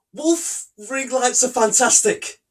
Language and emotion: English, fearful